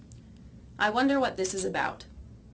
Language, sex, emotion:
English
female
neutral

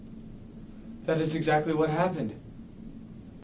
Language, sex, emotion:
English
male
neutral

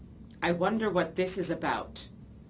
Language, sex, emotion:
English
female
fearful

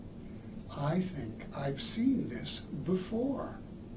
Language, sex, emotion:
English
male
neutral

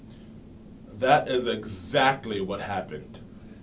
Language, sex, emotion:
English
male
disgusted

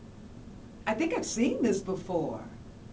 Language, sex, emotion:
English
female
happy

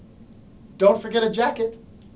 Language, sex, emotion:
English
male
happy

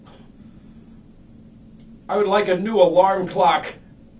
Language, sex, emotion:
English
male
angry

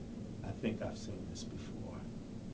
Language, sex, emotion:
English
male
neutral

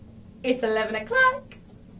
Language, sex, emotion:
English
female
happy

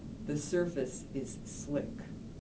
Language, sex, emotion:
English
female
neutral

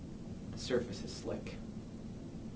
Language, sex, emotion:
English
male
neutral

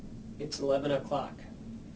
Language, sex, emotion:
English
male
neutral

